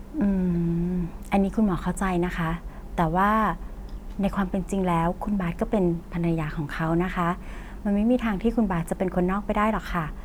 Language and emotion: Thai, neutral